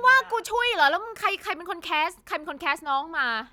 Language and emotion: Thai, angry